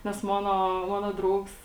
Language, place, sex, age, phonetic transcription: Lithuanian, Žemaitija, female, 18-60, ˈnes ˈmono ˈmono ˈdraugs

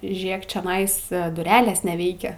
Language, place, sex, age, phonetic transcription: Lithuanian, Aukštaitija, female, 18-60, ˈžėk čeˈnais duˈrelės neˈveikia

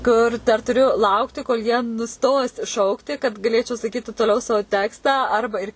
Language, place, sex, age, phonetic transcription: Lithuanian, Suvalkija, female, 18-60, ˈkur ˈdar tuˈriu ˈlaukti kol jie nuˈstos ˈšaukti kad gaˈlėčiau sakyti toˈliau ˈsao ˈtekstą ˈarba ir

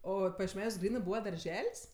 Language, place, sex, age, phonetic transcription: Lithuanian, Aukštaitija, female, 18-60, ˈo pajiešˈmeniuos ˈgrynɜ ˈbūva darˈžel's'

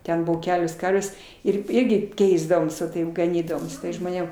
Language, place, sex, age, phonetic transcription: Lithuanian, Aukštaitija, female, 60+, ˈten ˈbuvo ˈkelios ˈkarvės ˈir ˈirgi ˈkeisdavoms va ˈtaip gaˈnydavom žmoˈnėm

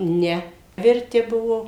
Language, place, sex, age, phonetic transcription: Lithuanian, Suvalkija, female, 60+, ˈne virˈti ˈ buvo

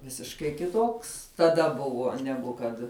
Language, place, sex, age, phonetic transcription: Lithuanian, Žemaitija, female, 18-60, ˈvisiškai kiˈtoks taˈda ˈbuvuo ˈnegu kad

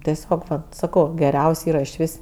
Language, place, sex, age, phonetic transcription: Lithuanian, Aukštaitija, female, 18-60, teˈsiog saˈkau geˈriaus' ˈyra iš ˈvis

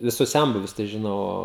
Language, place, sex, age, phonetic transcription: Lithuanian, Žemaitija, male, 18-60, viˈsus ˈsenbuvius tai žiˈnau ˈo

